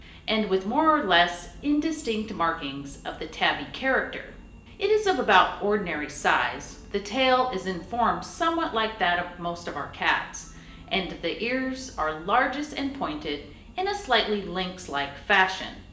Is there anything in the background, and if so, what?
Music.